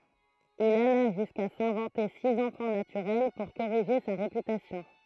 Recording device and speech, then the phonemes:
throat microphone, read sentence
il ala ʒyska sɛ̃vɑ̃te siz ɑ̃fɑ̃ natyʁɛl puʁ koʁiʒe sa ʁepytasjɔ̃

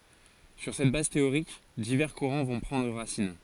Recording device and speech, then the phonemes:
forehead accelerometer, read sentence
syʁ sɛt baz teoʁik divɛʁ kuʁɑ̃ vɔ̃ pʁɑ̃dʁ ʁasin

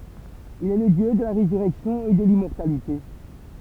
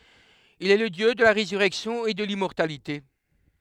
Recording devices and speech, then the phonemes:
temple vibration pickup, headset microphone, read sentence
il ɛ lə djø də la ʁezyʁɛksjɔ̃ e də limmɔʁtalite

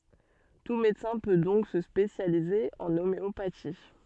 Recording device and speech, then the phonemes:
soft in-ear microphone, read sentence
tu medəsɛ̃ pø dɔ̃k sə spesjalize ɑ̃ omeopati

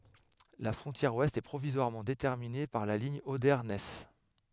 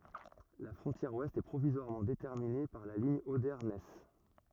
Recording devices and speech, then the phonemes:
headset microphone, rigid in-ear microphone, read sentence
la fʁɔ̃tjɛʁ wɛst ɛ pʁovizwaʁmɑ̃ detɛʁmine paʁ la liɲ ode nɛs

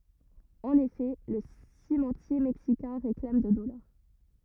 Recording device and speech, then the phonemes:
rigid in-ear microphone, read sentence
ɑ̃n efɛ lə simɑ̃tje mɛksikɛ̃ ʁeklam də dɔlaʁ

